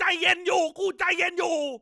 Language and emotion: Thai, angry